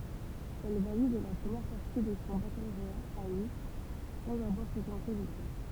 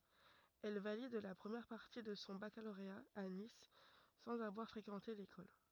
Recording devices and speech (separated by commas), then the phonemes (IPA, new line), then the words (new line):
temple vibration pickup, rigid in-ear microphone, read sentence
ɛl valid la pʁəmjɛʁ paʁti də sɔ̃ bakaloʁea a nis sɑ̃z avwaʁ fʁekɑ̃te lekɔl
Elle valide la première partie de son baccalauréat à Nice, sans avoir fréquenté l'école.